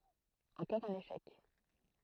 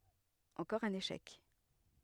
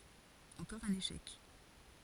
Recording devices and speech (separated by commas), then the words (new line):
throat microphone, headset microphone, forehead accelerometer, read sentence
Encore un échec.